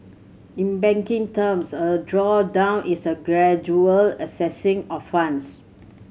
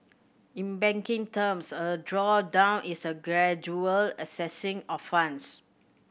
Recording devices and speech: mobile phone (Samsung C7100), boundary microphone (BM630), read sentence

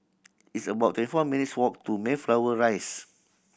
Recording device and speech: boundary microphone (BM630), read sentence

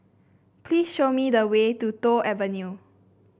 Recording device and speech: boundary microphone (BM630), read sentence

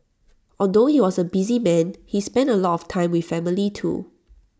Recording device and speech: standing microphone (AKG C214), read sentence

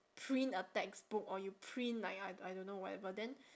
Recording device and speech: standing microphone, conversation in separate rooms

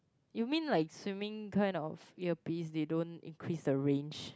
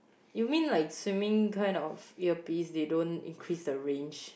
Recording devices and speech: close-talking microphone, boundary microphone, conversation in the same room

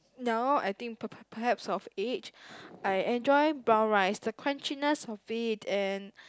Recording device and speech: close-talking microphone, conversation in the same room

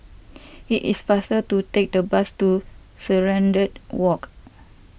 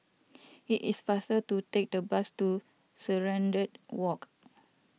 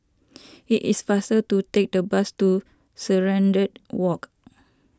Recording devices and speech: boundary microphone (BM630), mobile phone (iPhone 6), standing microphone (AKG C214), read sentence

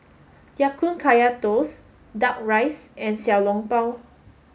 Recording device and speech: mobile phone (Samsung S8), read sentence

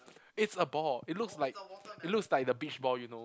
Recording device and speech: close-talking microphone, conversation in the same room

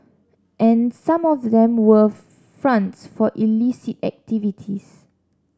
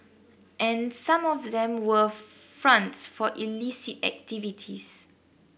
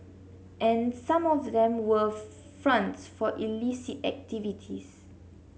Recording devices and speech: standing microphone (AKG C214), boundary microphone (BM630), mobile phone (Samsung C7), read sentence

